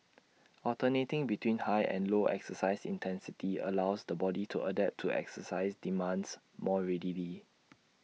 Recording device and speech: mobile phone (iPhone 6), read sentence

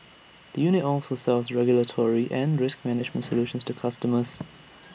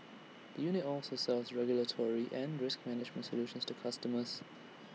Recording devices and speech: boundary microphone (BM630), mobile phone (iPhone 6), read sentence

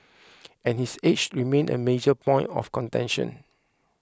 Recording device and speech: close-talking microphone (WH20), read sentence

